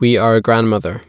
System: none